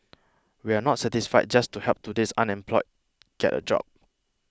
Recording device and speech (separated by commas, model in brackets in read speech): close-talking microphone (WH20), read sentence